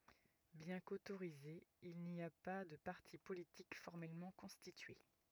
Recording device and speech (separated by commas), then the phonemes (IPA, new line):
rigid in-ear microphone, read sentence
bjɛ̃ kotoʁizez il ni a pa də paʁti politik fɔʁmɛlmɑ̃ kɔ̃stitye